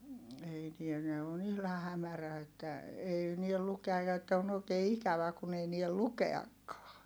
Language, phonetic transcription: Finnish, ei niän ne on ‿ihlah̆ hämärä että , ei niel lukeaj̆ ja että on ‿òi̮kee ikävä kun ‿ei niäl lukeakkaa .
- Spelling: ei näe ne on ihan hämärä että ei näe lukea ja että on oikein ikävä kun ei näe lukeakaan

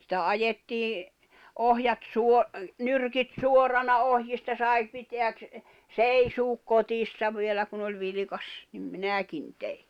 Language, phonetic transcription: Finnish, sⁱtä 'ajettii , 'ohjat 'suo- , "nyrkit "suorana "ohjista 'sai , piteäk kʰ- , "seisuuk "kotissa 'vielä kun ‿oĺ 'vilⁱkas , nim "minä̀kin tei .
- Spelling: sitä ajettiin ohjat - nyrkit suorana ohjista sai pitää - seisoa kotissa vielä kun oli vilkas niin minäkin tein

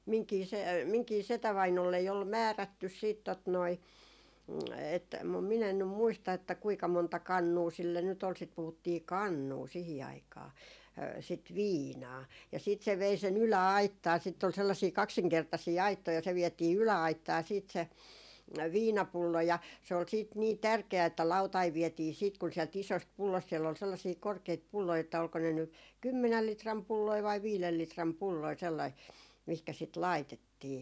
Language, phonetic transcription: Finnish, 'miŋkii se- , 'miŋkii 'setävainollei ol "määrättys siit tot noi , et- , mum min ‿en nym 'muista että 'kuika monta "kannuu sille nyt ‿ol sit 'puhuttii "kannuu 'sihi 'aikaa , sit "viinaa ja siit se 'vei se'n ‿ylä₍"aittaa sitt ‿ol sellasii 'kaksiŋkertasii "aittoi ja se 'viɛtii 'ylä₍aittaa siit se , "viinapullo ja , se ol siit nii "tärke₍ä että 'lautaiv̆ 'viɛtii siit kun siɛl't ‿isost 'pullost siell ‿ol sellasii 'korkeit 'pulloi että olko ne ny , "kymmenäl 'litram 'pulloi vai 'viilel 'litram 'pulloi , sellai , mihkä sit "laitettii .
- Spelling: minunkin - minunkin setävainaalleni oli määrätty sitten tuota noin - mutta minä en nyt muista että kuinka monta kannua sille nyt oli sitä puhuttiin kannua siihen aikaan sitä viinaa ja sitten se vei sen yläaittaan sitten oli sellaisia kaksinkertaisia aittoja ja se vietiin yläaittaan sitten se viinapullo ja se oli sitten niin tärkeä että lautanen vietiin sitten kun sieltä isosta pullosta siellä oli sellaisia korkeita pulloja että oliko ne nyt kymmenen litran pulloja vai viiden litran pulloja sellaisia mihinkä sitä laitettiin

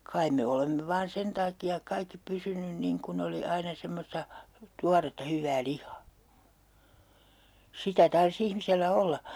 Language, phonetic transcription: Finnish, "kaim me 'olemme vaan "sen taaki₍ak 'kaikki 'pysynyn 'niŋ kun ‿oli 'aina 'semmosta , "tuaretta 'hyvvää 'lih̆hAA "sitä 'tars ‿ihmisellä 'olla !
- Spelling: kai me olemme vain sen takia kaikki pysynyt niin kun oli aina semmoista tuoretta hyvää lihaa sitä tarvitsisi ihmisellä olla

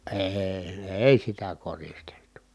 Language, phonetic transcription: Finnish, èi̮ , èi sitä koristeltu .
- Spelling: ei ei sitä koristeltu

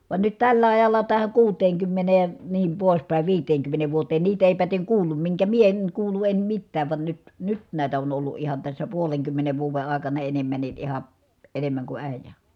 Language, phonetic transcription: Finnish, van nyt tällä ajalla tähä kuuteeŋkymmenee , niim pòis pä̀i viiteeŋkymmeneev vuoteen niit ‿èi päteŋ kuullum miŋkä mie eŋ kuulu em mittääv van nyt , nyt nä̀it ‿on ollu ʼihan tässä puoleŋkymmenev vuuve àekana enemmänni ʼiha , enemmäŋ ku ä̀ijä .
- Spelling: vaan nyt tällä ajalla tähän kuuteenkymmeneen niin pois päin viiteenkymmeneen vuoteen niitä ei päten kuullut minkä minä en kuullut en mitään vaan nyt nyt näet on ollut ihan tässä puolenkymmenen vuoden aikana enemmänkin ihan enemmän kuin äijä

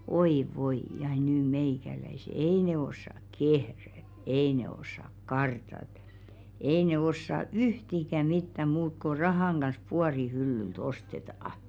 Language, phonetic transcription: Finnish, "oi 'voi ja nyy 'meikäläise "ei nee 'ossak "kehrä , "ei ne ossak "kartat , 'ei ne 'ossa "yhtikä 'mittä 'muuk ko "rahàŋ ɢans 'puari hyllylt "osteta₍aʰ .
- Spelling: oi voi ja nyt meikäläiset ei ne osaa kehrätä ei ne osaa kartata ei ne osaa yhtikäs mitään muuta kuin rahan kanssa puodin hyllyltä ostetaan

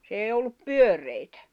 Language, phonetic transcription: Finnish, s ‿èi ollup "pyör̆rèitᴀ̈ .
- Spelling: se ei ollut pyöreitä

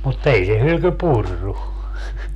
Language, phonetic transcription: Finnish, mut 'ei se 'hylky "purru .
- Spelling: mutta ei se hylky purrut

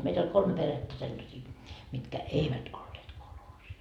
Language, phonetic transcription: Finnish, meit ‿oĺ 'kolme 'perettä sellasii , mitkä "eivät olleet kolhoosis .
- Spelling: meitä oli kolme perhettä sellaisia mitkä eivät olleet kolhoosissa

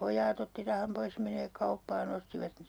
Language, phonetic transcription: Finnish, 'poj̆jaat ‿otti 'raham 'pois ʲᵃ meniväk 'kauppaa'n ‿ostivat mi- , .
- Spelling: pojat otti rahan pois ja menivät kauppaan ostivat -

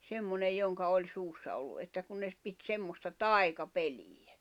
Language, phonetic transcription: Finnish, 'semmonej 'joŋka oĺ 'suussa ollu ’että kun ne ‿s- , pit 'semmosta "tai̬ka'peliᴊᴀ̈ .
- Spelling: semmoinen jonka oli suussa ollut että kun ne - piti semmoista taikapeliä

